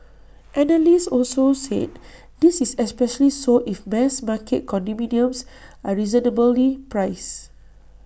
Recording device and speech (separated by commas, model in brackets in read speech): boundary microphone (BM630), read sentence